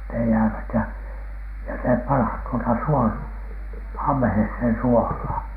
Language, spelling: Finnish, ne jäävät ja ja se pannaan tuota - ammeeseen suolaan
- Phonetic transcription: ne jäävät ja , ja se 'panhan tuota "suol- , 'am̀ᵉheshen "suohlaan .

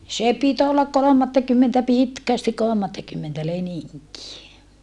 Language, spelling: Finnish, se piti olla kolmattakymmentä pitkästi kolmattakymmentä leninkiä
- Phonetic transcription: s̀e pit ‿ollak kolomattakymmentä pitkästik kolᵒmattakymmentä leniŋkie .

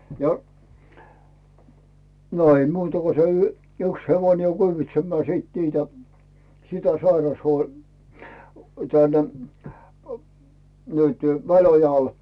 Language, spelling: Finnish, ja no ei muuta kun se - yksi hevonen kyyditsemään sitten niitä sitä - - - nyt Väliojalle
- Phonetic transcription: ja , no 'ei "muuta ko se y- , 'yks hevoⁱne "kyyvitsemmää sìt 'niitä , "sitä 'sairashuo- , tän- , ə nytʏ , 'Välojal .

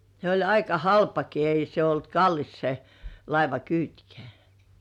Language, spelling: Finnish, se oli aika halpakin ei se ollut kallis se laivakyytkään
- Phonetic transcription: 'se oĺ aika "halpaki 'ei se ‿olt "kallis se , 'laiva"kyytkᴇ̆ᴀ̈̀ .

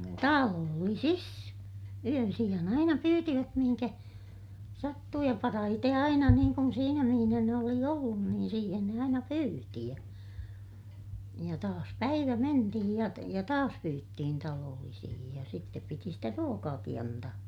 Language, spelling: Finnish, talollisissa yönsijan aina pyysivät mihin sattui ja parhaiten aina niin kuin siinä missä ne oli ollut niin siihen ne aina pyysi ja ja taas päivä mentiin ja ja taas pyyttiin talollisiin ja sitten piti sitä ruokaakin antaa
- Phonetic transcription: taloollisis , yönsiʲan ‿aina pyytivät mihiŋkä , sattuu - ja parahite aina niiŋ kun siinä mihinä ne oli ollun niin siihen ne aina pyyti ja , ja taas päivä mentihij ja , ja taas pyyttihin taloollisihij ja sittep piti sitä ruokaaki antaa .

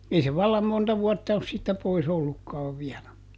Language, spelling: Finnish, ei se vallan monta vuotta ole siitä pois ollutkaan vielä
- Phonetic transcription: ˈei se "vallam ˈmonta ˈvuɔtta os siittä ˈpois ‿ollukkaav ˈviälä .

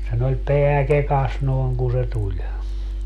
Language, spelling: Finnish, sen oli pää kekassa noin kun se tuli
- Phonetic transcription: sen ‿oĺ "peä "kekas 'nòi̮ŋ ku se 'tuĺ .

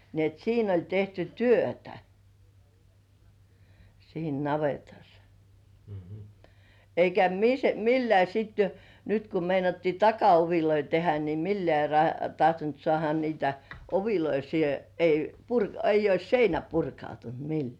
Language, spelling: Finnish, niin että siinä oli tehty työtä siinä navetassa eikä millään sitten jo nyt kun meinattiin takaovia tehdä niin millään - tahtonut saada niitä ovia siihen ei - ei olisi seinä purkautunut millään
- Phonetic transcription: ni ‿et 'siin ‿oĺ 'tehty "työtä , siin 'navetas , eikä mis'millĕä̀ sit (jo) nyt ku meinattii "taka₍oviloi tehä ni "millĕä̀ ra- 'tahtont sŏàha niitä "oviloi siihe , ei , purk- eij̆j ‿'ois "seinä 'purkautunt "millĕä̀ .

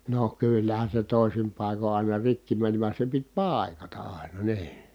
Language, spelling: Finnish, no kyllähän se toisin paikoin aina rikki meni vaan se piti paikata aina niin
- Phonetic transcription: no kyllähän̬ se tòisim pàiko ài̮na rikki mänⁱ van̬ se pit pài̮kata ʼài̮na nii .

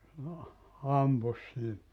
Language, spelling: Finnish, ampui siinä
- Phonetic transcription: 'ampus siin .

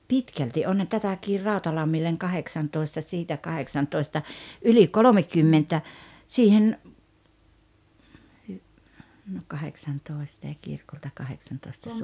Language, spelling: Finnish, pitkälti onhan tätäkin Rautalammille kahdeksantoista siitä kahdeksantoista yli kolmekymmentä siihen - no kahdeksantoista ja kirkolta kahdeksantoista -
- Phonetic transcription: pitkälti ’onhan 'tätäkir "Ràotalammilleŋ 'kaheksantoista siitä 'kaheksantoista , '’yli "kolomekymmentä , siihen , hy- , no 'kaheksantòesta ja 'kirkolta 'kaheksantoista Suon- .

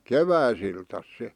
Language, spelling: Finnish, keväisiltänsä se
- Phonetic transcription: keväisiltäs se ,.

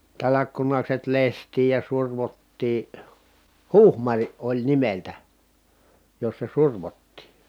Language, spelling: Finnish, talkkunakset lestiin ja survottiin huhmar oli nimeltään jossa survottiin
- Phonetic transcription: talakkunakset lest̀iij ja survottii , huhmariʼ ʼoĺ nimeltä , jossa survottì .

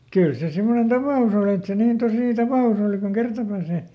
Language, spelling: Finnish, kyllä se semmoinen tapaus oli että se niin tosi tapaus oli kuin kerta pääsee
- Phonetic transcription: ˈkyl se ˈsimmonen "tapà₍us ‿oli et ˈse niin ˈtosì ˈtapà₍us ‿òli kuŋ "kerta pääsè .

